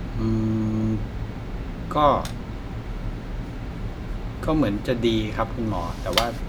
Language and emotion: Thai, frustrated